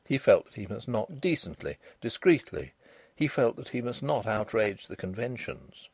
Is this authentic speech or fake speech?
authentic